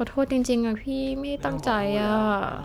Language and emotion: Thai, sad